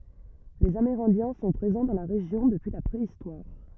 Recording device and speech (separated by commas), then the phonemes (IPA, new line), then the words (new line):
rigid in-ear microphone, read sentence
lez ameʁɛ̃djɛ̃ sɔ̃ pʁezɑ̃ dɑ̃ la ʁeʒjɔ̃ dəpyi la pʁeistwaʁ
Les Amérindiens sont présents dans la région depuis la préhistoire.